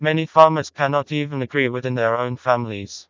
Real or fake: fake